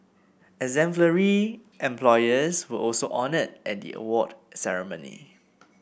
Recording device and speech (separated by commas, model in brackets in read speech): boundary microphone (BM630), read sentence